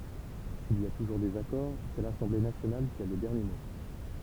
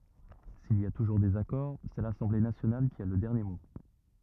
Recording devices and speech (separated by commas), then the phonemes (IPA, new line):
temple vibration pickup, rigid in-ear microphone, read sentence
sil i a tuʒuʁ dezakɔʁ sɛ lasɑ̃ble nasjonal ki a lə dɛʁnje mo